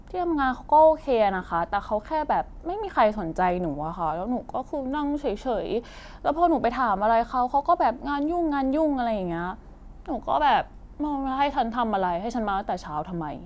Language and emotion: Thai, frustrated